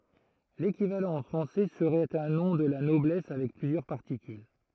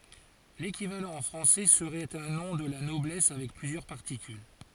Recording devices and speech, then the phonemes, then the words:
throat microphone, forehead accelerometer, read sentence
lekivalɑ̃ ɑ̃ fʁɑ̃sɛ səʁɛt œ̃ nɔ̃ də la nɔblɛs avɛk plyzjœʁ paʁtikyl
L’équivalent en français serait un nom de la noblesse avec plusieurs particules.

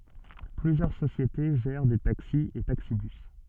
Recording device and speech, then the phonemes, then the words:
soft in-ear microphone, read sentence
plyzjœʁ sosjete ʒɛʁ de taksi e taksibys
Plusieurs sociétés gèrent des taxis et taxi-bus.

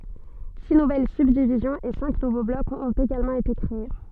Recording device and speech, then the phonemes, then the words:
soft in-ear microphone, read sentence
si nuvɛl sybdivizjɔ̃z e sɛ̃k nuvo blɔkz ɔ̃t eɡalmɑ̃ ete kʁee
Six nouvelles subdivisions et cinq nouveaux blocs ont également été créés.

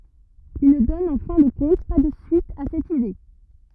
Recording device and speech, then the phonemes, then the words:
rigid in-ear microphone, read sentence
il nə dɔn ɑ̃ fɛ̃ də kɔ̃t pa də syit a sɛt ide
Il ne donne en fin de compte pas de suite à cette idée.

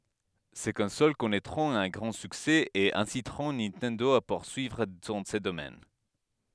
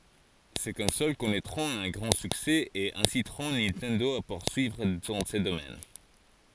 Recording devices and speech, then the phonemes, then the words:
headset microphone, forehead accelerometer, read sentence
se kɔ̃sol kɔnɛtʁɔ̃t œ̃ ɡʁɑ̃ syksɛ e ɛ̃sitʁɔ̃ nintɛndo a puʁsyivʁ dɑ̃ sə domɛn
Ces consoles connaîtront un grand succès et inciteront Nintendo à poursuivre dans ce domaine.

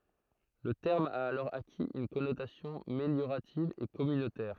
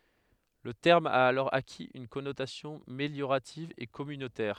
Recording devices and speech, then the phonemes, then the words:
throat microphone, headset microphone, read sentence
lə tɛʁm a alɔʁ akiz yn kɔnotasjɔ̃ meljoʁativ e kɔmynotɛʁ
Le terme a alors acquis une connotation méliorative et communautaire.

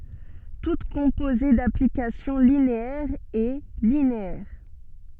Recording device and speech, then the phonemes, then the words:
soft in-ear microphone, read sentence
tut kɔ̃poze daplikasjɔ̃ lineɛʁz ɛ lineɛʁ
Toute composée d'applications linéaires est linéaire.

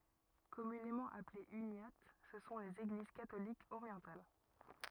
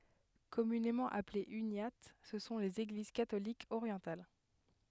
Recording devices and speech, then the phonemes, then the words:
rigid in-ear microphone, headset microphone, read sentence
kɔmynemɑ̃ aplez ynjat sə sɔ̃ lez eɡliz katolikz oʁjɑ̃tal
Communément appelées uniates, ce sont les Églises catholiques orientales.

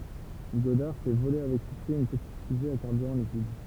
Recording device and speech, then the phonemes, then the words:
temple vibration pickup, read sentence
ɡɔdaʁ fɛ vole avɛk syksɛ yn pətit fyze a kaʁbyʁɑ̃ likid
Goddard fait voler avec succès une petite fusée à carburant liquide.

